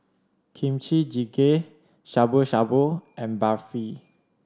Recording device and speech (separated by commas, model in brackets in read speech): standing microphone (AKG C214), read sentence